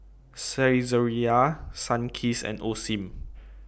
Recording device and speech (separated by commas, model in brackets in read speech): boundary microphone (BM630), read sentence